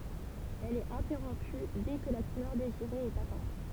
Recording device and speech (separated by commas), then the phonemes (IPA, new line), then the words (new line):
temple vibration pickup, read sentence
ɛl ɛt ɛ̃tɛʁɔ̃py dɛ kə la kulœʁ deziʁe ɛt atɛ̃t
Elle est interrompue dès que la couleur désirée est atteinte.